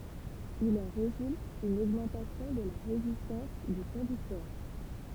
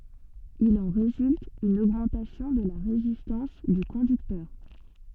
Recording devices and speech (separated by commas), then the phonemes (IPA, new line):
temple vibration pickup, soft in-ear microphone, read sentence
il ɑ̃ ʁezylt yn oɡmɑ̃tasjɔ̃ də la ʁezistɑ̃s dy kɔ̃dyktœʁ